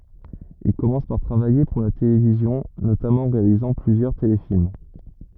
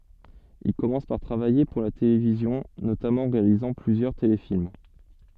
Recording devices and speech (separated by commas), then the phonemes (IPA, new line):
rigid in-ear microphone, soft in-ear microphone, read sentence
il kɔmɑ̃s paʁ tʁavaje puʁ la televizjɔ̃ notamɑ̃ ɑ̃ ʁealizɑ̃ plyzjœʁ telefilm